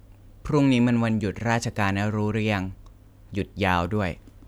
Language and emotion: Thai, neutral